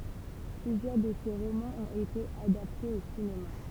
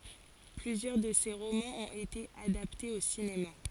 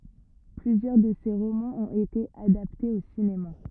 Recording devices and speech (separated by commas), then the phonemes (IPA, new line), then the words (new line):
temple vibration pickup, forehead accelerometer, rigid in-ear microphone, read sentence
plyzjœʁ də se ʁomɑ̃z ɔ̃t ete adaptez o sinema
Plusieurs de ses romans ont été adaptés au cinéma.